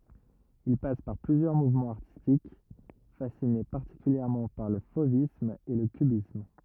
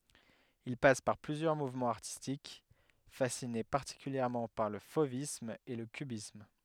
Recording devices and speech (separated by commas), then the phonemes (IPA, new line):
rigid in-ear microphone, headset microphone, read sentence
il pas paʁ plyzjœʁ muvmɑ̃z aʁtistik fasine paʁtikyljɛʁmɑ̃ paʁ lə fovism e lə kybism